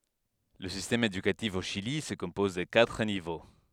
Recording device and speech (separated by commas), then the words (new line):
headset microphone, read sentence
Le système éducatif au Chili se compose de quatre niveaux.